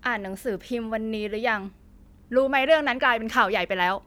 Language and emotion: Thai, angry